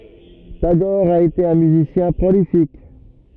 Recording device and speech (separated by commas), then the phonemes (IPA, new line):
rigid in-ear microphone, read sentence
taɡɔʁ a ete œ̃ myzisjɛ̃ pʁolifik